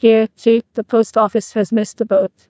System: TTS, neural waveform model